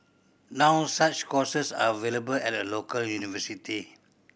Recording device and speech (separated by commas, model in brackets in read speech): boundary microphone (BM630), read sentence